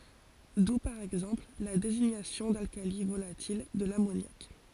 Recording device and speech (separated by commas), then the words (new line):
forehead accelerometer, read sentence
D'où par exemple la désignation d'alcali volatil de l'ammoniaque.